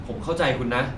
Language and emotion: Thai, neutral